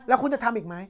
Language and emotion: Thai, angry